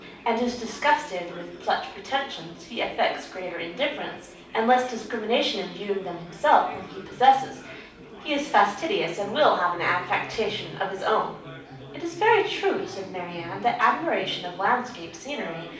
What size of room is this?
A moderately sized room.